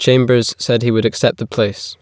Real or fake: real